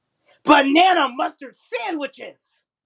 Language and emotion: English, angry